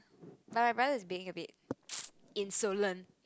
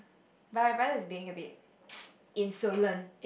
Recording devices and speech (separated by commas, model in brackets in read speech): close-talking microphone, boundary microphone, conversation in the same room